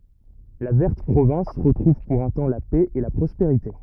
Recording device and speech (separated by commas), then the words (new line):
rigid in-ear microphone, read sentence
La verte province retrouve pour un temps la paix et la prospérité.